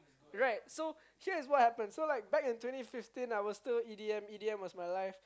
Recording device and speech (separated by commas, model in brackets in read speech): close-talking microphone, conversation in the same room